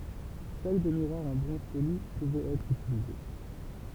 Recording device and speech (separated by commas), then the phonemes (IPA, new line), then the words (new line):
temple vibration pickup, read sentence
sœl de miʁwaʁz ɑ̃ bʁɔ̃z poli puvɛt ɛtʁ ytilize
Seuls des miroirs en bronze poli pouvaient être utilisés.